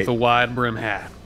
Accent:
Southern accent